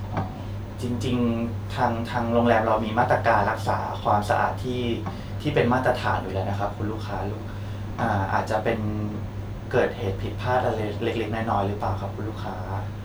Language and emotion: Thai, sad